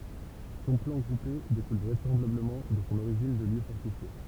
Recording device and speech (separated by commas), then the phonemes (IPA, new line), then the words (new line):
temple vibration pickup, read sentence
sɔ̃ plɑ̃ ɡʁupe dekul vʁɛsɑ̃blabləmɑ̃ də sɔ̃ oʁiʒin də ljø fɔʁtifje
Son plan groupé découle vraisemblablement de son origine de lieu fortifié.